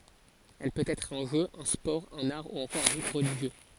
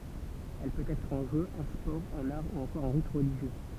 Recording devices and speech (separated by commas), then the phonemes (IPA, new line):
forehead accelerometer, temple vibration pickup, read sentence
ɛl pøt ɛtʁ œ̃ ʒø œ̃ spɔʁ œ̃n aʁ u ɑ̃kɔʁ œ̃ ʁit ʁəliʒjø